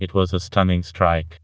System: TTS, vocoder